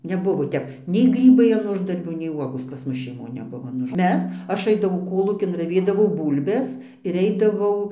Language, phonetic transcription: Lithuanian, neˈbuvo ˈtep nei ˈgrybai an ˈuždarbių nei ˈvuogos pas ˈmus šeiˈmon neˈbuvo an ˈuž ˈmes ˈaš ˈaidavau ˈkolūkin raˈvėdavau ˈbūlbes ir ˈeidavau

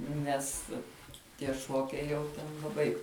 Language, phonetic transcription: Lithuanian, ˈnes tie ˈšuokiai jau ˈten laˈbai

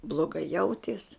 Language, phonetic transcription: Lithuanian, bloˈgai ˈjauties

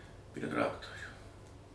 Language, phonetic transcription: Lithuanian, prie ˈtraktorių

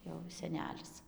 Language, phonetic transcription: Lithuanian, jau seˈnelis

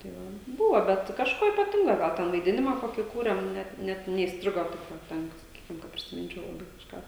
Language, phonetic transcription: Lithuanian, tai ˈva ˈbūvo ˈbet kažˈko ypaˈtingo ˈgal ˈten vaiˈdinimą ˈkokį kūrėm ˈnet ˈnet neįsˈtrigo taip ˈva ˈten saˈkykim ka prisiˈminčiau laˈbai kažˈką

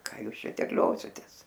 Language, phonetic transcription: Lithuanian, ˈką ˈjūs ˈšia terˈliositės

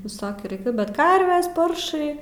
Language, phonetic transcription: Lithuanian, viˈsokių raiˈkiu bet ˈkarves ˈparšai

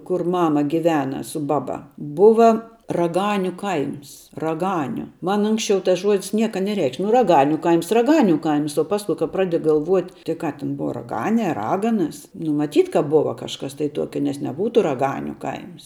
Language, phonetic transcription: Lithuanian, kur ˈmama giˈvena su ˈbaˌba ˈbuva raˈganiu ˈkaims raˈganiu ˈman ˈunksčiau tas ˈžuodis ˈnieka neˈreikš' nu raˈganiu ˈkaims raˈganiu ˈkaims o ˈpasku kap ˈpradi galˈvuot' tik ˈką tin ˈbuva raˈganė a ˈraganas nu maˈtyt ka ˈbuva kažˈkas tai ˈtuokia nes neˈbūtu raˈganiu ˈkaims

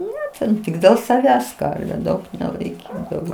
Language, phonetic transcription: Lithuanian, ˈne ten ˈtik dėl saˈvęs ˈkarviu ˈdaug nelaiˈkydavo

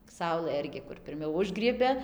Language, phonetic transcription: Lithuanian, ˈsaulɘ ˈirgi kur pirˈmiau ˈužgriebia

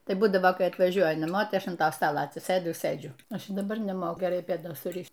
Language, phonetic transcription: Lithuanian, ˈtai ˈbūdavo ˈkai atvaˈžiuoja naˈmo ˈtai ˈaš an ˈta ˈstala atsiˈsɘdu i ˈsɘdžiu ˈaš i daˈbar neˈmoku geˈrai pėˈdos suˈrišt

